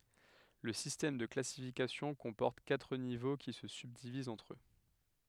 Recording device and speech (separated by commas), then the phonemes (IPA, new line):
headset microphone, read sentence
lə sistɛm də klasifikasjɔ̃ kɔ̃pɔʁt katʁ nivo ki sə sybdivizt ɑ̃tʁ ø